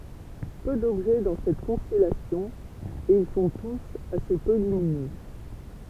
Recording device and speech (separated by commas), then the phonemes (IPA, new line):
temple vibration pickup, read sentence
pø dɔbʒɛ dɑ̃ sɛt kɔ̃stɛlasjɔ̃ e il sɔ̃ tus ase pø lyminø